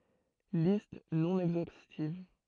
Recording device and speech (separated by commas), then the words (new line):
throat microphone, read sentence
Listes non exhaustives.